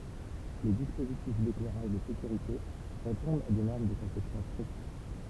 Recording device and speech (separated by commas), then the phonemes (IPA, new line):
temple vibration pickup, read sentence
le dispozitif deklɛʁaʒ də sekyʁite ʁepɔ̃dt a de nɔʁm də kɔ̃sɛpsjɔ̃ stʁikt